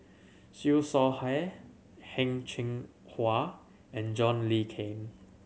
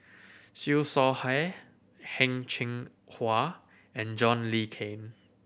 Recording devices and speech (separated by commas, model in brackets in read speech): mobile phone (Samsung C7100), boundary microphone (BM630), read sentence